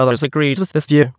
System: TTS, waveform concatenation